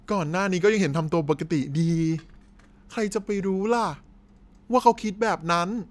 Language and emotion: Thai, frustrated